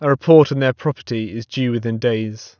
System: none